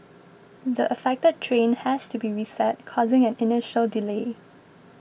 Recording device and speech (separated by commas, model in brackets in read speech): boundary microphone (BM630), read sentence